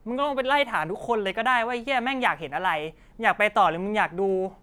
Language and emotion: Thai, angry